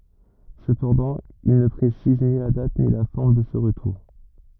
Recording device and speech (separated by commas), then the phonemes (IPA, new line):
rigid in-ear microphone, read sentence
səpɑ̃dɑ̃ il nə pʁesiz ni la dat ni la fɔʁm də sə ʁətuʁ